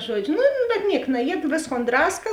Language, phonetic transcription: Lithuanian, ˈžuodžiu nu bet ˈniek naˈjied ˈvėsˌkon ˈdraska

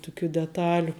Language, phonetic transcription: Lithuanian, tuˈkių deˈtaliu

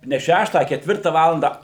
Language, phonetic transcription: Lithuanian, ne ˈšeštą a ketˈvirta ˈvalanda

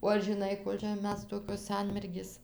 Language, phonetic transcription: Lithuanian, o ar žiˈnai ˈkol' čia ˈmes ˈtokios ˈsanmergės

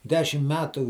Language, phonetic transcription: Lithuanian, ˈdešim ˈmetu

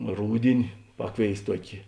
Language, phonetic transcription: Lithuanian, ˈrūdini ˈpakˌvėis ˈtuokė

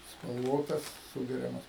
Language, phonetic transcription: Lithuanian, spalˈvotas ˈsūgeriamas

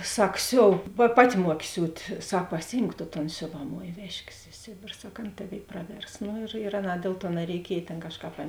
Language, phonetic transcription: Lithuanian, ˈsak ˈsiov pa ˈpaˌti ˈmuoki ˈsiūt' ˈsak paˈsijimk to ton ˈsiovaˌmoj ˈvežkės i ˈsėbėr ˈsak ˈan ˈtaˌvėi ˈpraˌvers nu ir ir ˈaˌnā ˈdėl ˌtuo nareiˈkiej ˈtėn ˈkažˌkāp ˈan

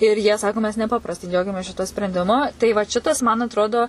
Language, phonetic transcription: Lithuanian, ir jie ˈsako mes neˈpaprastai ˈdžiaugiamės ˈšituo sprendiˈmu tai vat ˈšitas man atˈrodo

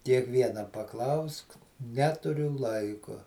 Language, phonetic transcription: Lithuanian, kiekˈviena paˈklausk ˈneturiu ˈlaiku

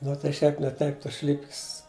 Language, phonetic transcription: Lithuanian, nu tai ˈšiaip ne ˈtaip ˈtos ˈšlipkis

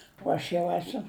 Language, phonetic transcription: Lithuanian, o ˈaš jau ˈesu

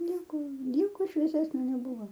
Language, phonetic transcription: Lithuanian, ˈnieko ˈnieko švieˈsesnio neˈbuvo

